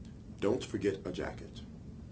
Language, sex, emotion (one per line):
English
male
neutral